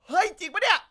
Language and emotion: Thai, happy